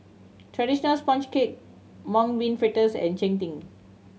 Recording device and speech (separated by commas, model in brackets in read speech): mobile phone (Samsung C7100), read sentence